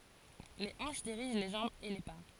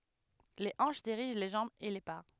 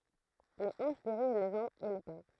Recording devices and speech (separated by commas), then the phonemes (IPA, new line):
forehead accelerometer, headset microphone, throat microphone, read sentence
le ɑ̃ʃ diʁiʒ le ʒɑ̃bz e le pa